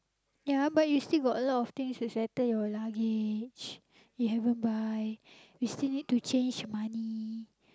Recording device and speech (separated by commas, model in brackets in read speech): close-talking microphone, conversation in the same room